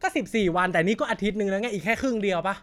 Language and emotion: Thai, angry